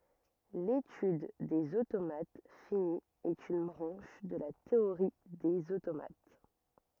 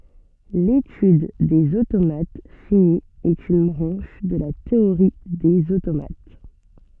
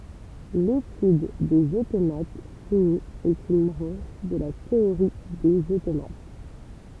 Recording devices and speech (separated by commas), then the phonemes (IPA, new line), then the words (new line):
rigid in-ear microphone, soft in-ear microphone, temple vibration pickup, read sentence
letyd dez otomat fini ɛt yn bʁɑ̃ʃ də la teoʁi dez otomat
L'étude des automates finis est une branche de la théorie des automates.